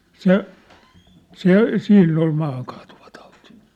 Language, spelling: Finnish, se se siinä oli maahankaatuvatauti
- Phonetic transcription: se , "se , 'siinn ‿ol 'maahaŋkᴀᴀtᴜᴠᴀtᴀᴜtɪ .

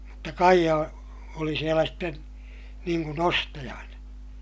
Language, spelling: Finnish, mutta Kaija oli siellä sitten niin kuin ostajana
- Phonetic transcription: mutta Kaija , oli sielä sten , niiŋ kun ‿ostajana .

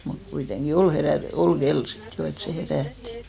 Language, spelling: Finnish, mutta kuitenkin oli - oli kello sitten jo että se herätti
- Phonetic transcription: mut 'kui'teŋɢi "ol 'herä- , 'ol "ɢel 'sit jo et se 'herä̀ttɪ .

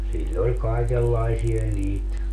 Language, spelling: Finnish, sillä oli kaikenlaisia niitä
- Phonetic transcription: 'siĺl ‿oĺ 'kaikellaisi₍a niit ,.

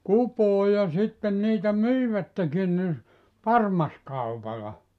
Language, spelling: Finnish, kupoon ja sitten niitä myivätkin niin parmaskaupalla
- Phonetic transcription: "kupoo ja 'sitten niitä "myivättekin ni , "parmaskaupala .

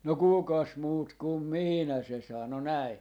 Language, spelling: Finnish, no kukas muut kuin minä se sanoi näin
- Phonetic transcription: » no "kùkas 'muut kum "miinä » 'se sano "näi .

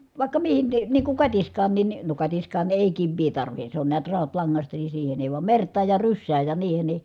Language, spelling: Finnish, vaikka mihin niin niin kuin katiskaankin niin no katiskaan ei kivi tarvitse se on näet rautalangasta niin siihen ei vaan mertaan ja rysään ja niihin niin
- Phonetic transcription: vàikka mihin ni , niiŋ kuŋ katisk̀aannin ni , no katiskaan ‿èi kivvii tarvihe , se on niät rautlaŋŋasta ni siihen ‿èi vam mert̀aaj ja ryssääj ja niihen ni ,.

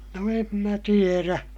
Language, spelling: Finnish, no en minä tiedä
- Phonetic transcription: no em mä tierä .

